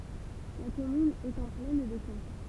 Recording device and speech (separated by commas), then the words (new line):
temple vibration pickup, read sentence
La commune est en plaine de Caen.